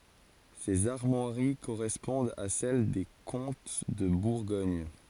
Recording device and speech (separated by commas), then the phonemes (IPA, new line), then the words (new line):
forehead accelerometer, read sentence
sez aʁmwaʁi koʁɛspɔ̃dt a sɛl de kɔ̃t də buʁɡɔɲ
Ces armoiries correspondent à celle des comtes de Bourgogne.